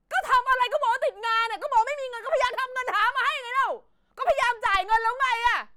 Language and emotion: Thai, angry